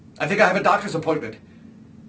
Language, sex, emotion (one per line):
English
male
fearful